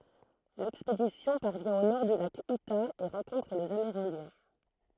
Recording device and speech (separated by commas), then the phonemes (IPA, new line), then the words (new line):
throat microphone, read sentence
lɛkspedisjɔ̃ paʁvjɛ̃ o nɔʁ dy lak yta e ʁɑ̃kɔ̃tʁ lez ameʁɛ̃djɛ̃
L’expédition parvient au nord du lac Utah et rencontre les Amérindiens.